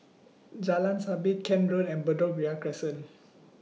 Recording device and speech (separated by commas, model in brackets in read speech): mobile phone (iPhone 6), read sentence